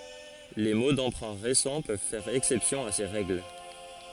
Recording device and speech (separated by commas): forehead accelerometer, read sentence